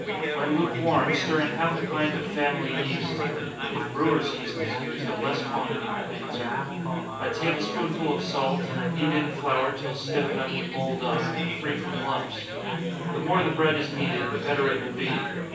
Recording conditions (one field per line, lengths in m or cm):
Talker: one person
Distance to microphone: 9.8 m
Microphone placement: far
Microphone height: 1.8 m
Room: large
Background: babble